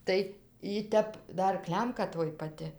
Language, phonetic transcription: Lithuanian, ˈtai y ˈtep ˈdar ˈklemka ˈtoj paˈti

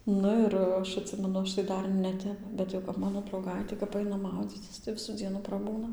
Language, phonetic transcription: Lithuanian, ˈnu ir ˈaš atˈsimenu ˈaš tai ˈdar neˈtep ˈbet jau kap ˈmano drauˈgaitė kap ˈaina ˈmaudzycis tai ˈvisų ˈdzienų praˈbūna

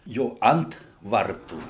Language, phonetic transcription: Lithuanian, ˈjo ˈant ˈvartų

